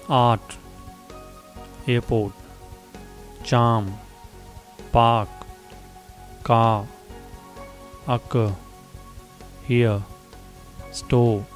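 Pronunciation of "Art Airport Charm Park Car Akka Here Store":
The r is silent in 'art', 'airport', 'charm', 'park', 'car', 'here' and 'store', where no vowel sound follows it.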